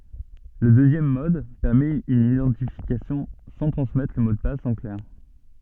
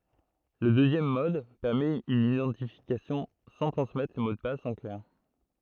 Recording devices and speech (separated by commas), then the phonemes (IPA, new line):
soft in-ear microphone, throat microphone, read sentence
lə døzjɛm mɔd pɛʁmɛt yn idɑ̃tifikasjɔ̃ sɑ̃ tʁɑ̃smɛtʁ lə mo də pas ɑ̃ klɛʁ